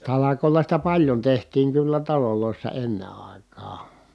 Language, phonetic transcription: Finnish, talakòi̮la sitä paljon tehtiiŋ kyllä talolòissa enne ài̮k̀aa .
- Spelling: talkoilla sitä paljon tehtiin kyllä taloissa ennen aikaan

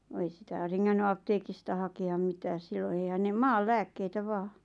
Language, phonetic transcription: Finnish, ᵛᵃ ei 'sitä̀ 'reŋŋänny "apteekista hake₍am 'mitääs 'silloⁿ eihän ne "maal "lääkkeitä 'vaa .
- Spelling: vaan ei sitä rengännyt apteekista hakea mitään silloin eihän ne maan lääkkeitä vain

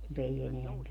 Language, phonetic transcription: Finnish, mu't ‿ei 'eneäŋ käy .
- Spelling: mutta ei enää käy

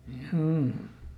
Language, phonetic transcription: Finnish, ˈhjuu .
- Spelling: juu

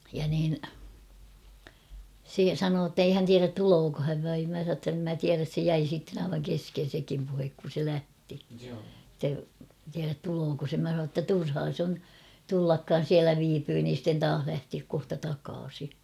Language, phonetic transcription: Finnish, ja niin , 'se "sanoo ‿ttei 'hän tiärät 'tulooko häv vaim mä sà ‿tt ‿em mä 'tiäräs se 'jäi sitten ‿aivaŋ 'kesken̬ sekim puhek kun̬ se 'lähti [et]tä tiärät 'tulooko se mä sa ‿tta 'turhaa s ‿on , 'tullakkaan̬ "siälä viipyy niin̬ sitten 'taah lähtiäk kohta 'takaasi .
- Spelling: ja niin se sanoi että ei hän tiedä tuleeko hän vai minä sanoin että en minä tiedä se jäi sitten aivan kesken sekin puhe kun se lähti että tiedä tuleeko se minä sanoin jotta turhaa se on tullakaan siellä viipyy niin sitten taas lähteä kohta takaisin

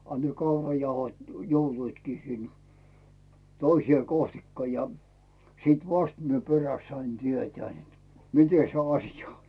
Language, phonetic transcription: Finnish, a ne 'kaurajauhot , "joutuitkii sin , 'toiśⁱè kohtikka ja , 'siit "vast mie peräst sain 'tietää net , 'mite se "asja on .
- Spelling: a ne kaurajauhot joutuivatkin sinne toiseen kohtikka ja sitten vasta minä perästä sain tietää että miten se asia on

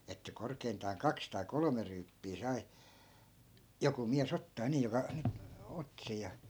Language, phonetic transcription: Finnish, että 'korkeintaan "kaks tai "kolome ryyppii sai , 'joku miä's ‿ottaa 'nii joka , ny(t) , 'otti sej ja .
- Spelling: että korkeintaan kaksi tai kolme ryyppyä sai joku mies ottaa niin joka nyt otti sen ja

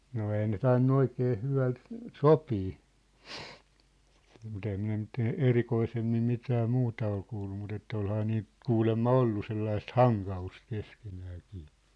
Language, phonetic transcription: Finnish, no 'ei ne 'tainnu 'oikee 'hyväl , "sopii , mŭt ‿ehäm minä nyt ‿e- , "erikoisemmim 'mitää 'muuta ol kuullu mut ‿että 'olhaa niiʿˡʾ , 'kuulemma "ollu 'sellaist "haŋka₍ust 'keskenääkɪɪ .
- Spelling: no ei ne tainnut oikein hyvällä sopia mutta enhän minä nyt - erikoisemmin mitään muuta ole kuullut mutta että olihan niillä kuulemma ollut sellaista hankausta keskenäänkin

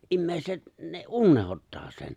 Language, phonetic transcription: Finnish, ’'immèiset , ne "’unnehottaa sen .
- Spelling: ihmiset ne unohtaa sen

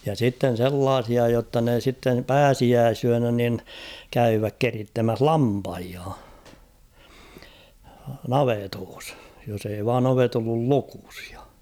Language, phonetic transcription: Finnish, ja sitten̬ 'sellaasia jotta ne sittem "pääsiääsyänä nin , 'käyyväk "kerittemäh "lampahia , 'navetoos , jos ‿ei vaan ‿'ovet ‿ollul "lukᴜs ᴊᴀ .
- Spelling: ja sitten sellaisia jotta ne sitten pääsiäisyönä niin käyvät keritsemässä lampaita navetoissa jos ei vain ovet ollut lukossa ja

